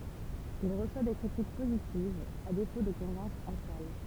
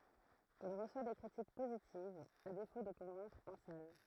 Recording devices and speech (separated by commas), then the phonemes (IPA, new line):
temple vibration pickup, throat microphone, read sentence
il ʁəswa de kʁitik pozitivz a defo də kɔ̃vɛ̃kʁ ɑ̃ sal